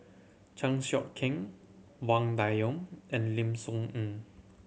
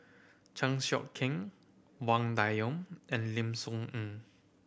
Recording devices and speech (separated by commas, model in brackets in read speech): mobile phone (Samsung C7100), boundary microphone (BM630), read sentence